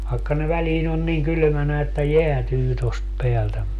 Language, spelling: Finnish, vaikka ne väliin on niin kylmänä että jäätyy tuosta päältä mutta
- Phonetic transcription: vaekka ne 'väliin ‿on niiŋ 'kylʸmänä että "jeätyy tost 'peältä mutta .

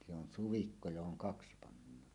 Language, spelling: Finnish, se on suvikko johon kaksi pannaan
- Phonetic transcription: se on 'suvikko johoŋ "kaksɪ 'pannaan .

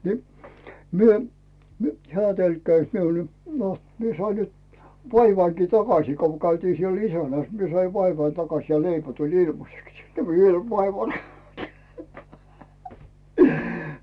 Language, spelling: Finnish, niin me - hän tölkkäisi minulle no minä sain nyt vaivanikin takaisin kun käytiin siellä isännässä minä sain vaivani takaisin ja leipä tuli ilmaiseksi ja vielä vaivani
- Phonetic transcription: ni , myö , mu- , 'heä̀ 'tölkkäⁱs miul , no , 'mie 'sai 'nyt , "vaivaiŋki 'takasii ko 'käytii siel ‿"isänä̀s 'mie sai 'vaivai 'takaś ja "leipä tuĺ 'ilmaseks ja viel 'vaivain .

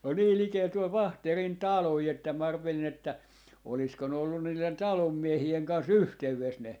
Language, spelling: Finnish, on niin likellä tuolla Vaahterin taloja että minä arvelin että olisiko ne ollut niiden talon miehien kanssa yhteydessä ne
- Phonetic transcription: on 'nii 'likeel tuol 'Vaahterin "taloi että mä 'arvelin ‿että 'olisko ne ollun niilen "talom 'miehi₍eŋ 'kans "yhtey₍es 'ne ,.

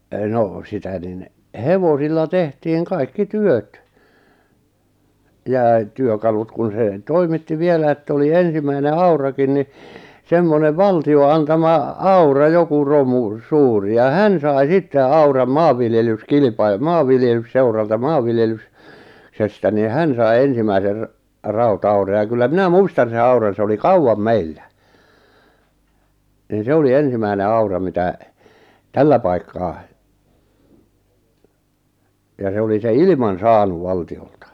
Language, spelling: Finnish, no sitä niin hevosilla tehtiin kaikki työt ja - työkalut kun se toimitti vielä että oli ensimmäinen aurakin niin semmoinen valtion antama aura joku romu suuri ja hän sai sitten auran - maanviljelysseuralta - maanviljelyksestä niin hän sai ensimmäisen rauta-auran ja kyllä minä muistan sen auran se oli kauan meillä niin se oli ensimmäinen aura mitä tällä paikkaa ja se oli se ilman saanut valtiolta
- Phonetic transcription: 'nò sitä nin , 'hevosilla 'tehtiiŋ 'kaikki "työt , jà e- , 'työkalut kun̬ se , "toimitti 'vielä ett ‿oli "ensimäine "aurakin ni , semmonev "valti₍o 'antama , "aura 'joku 'romu , 'suuri ja "hän sai 'sitte "auram "maavviljelys'kilⁱpai- "maavviljelysseuralta 'maavviljelys- , -sestä nì 'hän sai 'ensimäiser , 'rau'taura ja kyllä 'minä "muistan̬ sen 'auran̬ se oli "kauwam "meillä , nin 'se oli "ensimäine 'aura mitä̀ , "tällä 'paikkaa , ja 'se oli 'se "ilⁱman̬ "saanuv 'valti₍olta .

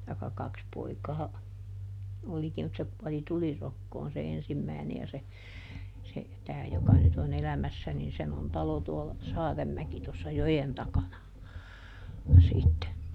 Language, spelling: Finnish, tai kaksi poikaa olikin mutta se kuoli tulirokkoon se ensimmäinen ja se se tämä joka nyt on elämässä niin sen on talo tuolla Saarenmäki tuossa joen takana sitten
- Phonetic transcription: taikka ˈkaks ˈpoikaa , "olikim mut se ˈkuɔli "tulirokkoon se "ensimmä̀i̮ne ja se , se , ˈtää joka nyt ‿o"n ‿elämässä nin ˈsen on ˈtalo tuolla , ˈSaaremmäki tossa "jojen ˈtakana , sitte .

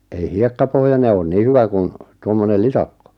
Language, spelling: Finnish, ei hiekkapohjainen ole niin hyvä kuin tuommoinen litakko
- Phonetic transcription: ei "hiekkapohjane oon "nii 'hyvä kun , 'tuommonel "litakko .

